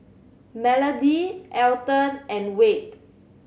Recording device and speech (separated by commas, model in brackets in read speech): mobile phone (Samsung C7100), read sentence